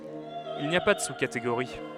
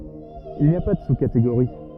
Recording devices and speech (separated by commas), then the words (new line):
headset microphone, rigid in-ear microphone, read sentence
Il n’y a pas de sous-catégorie.